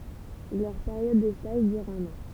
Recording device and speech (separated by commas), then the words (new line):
temple vibration pickup, read sentence
Leur période de stage dure un an.